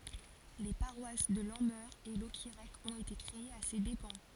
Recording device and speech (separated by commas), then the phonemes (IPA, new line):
forehead accelerometer, read sentence
le paʁwas də lɑ̃mœʁ e lɔkiʁɛk ɔ̃t ete kʁeez a se depɑ̃